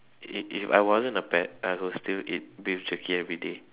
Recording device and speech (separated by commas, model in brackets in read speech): telephone, conversation in separate rooms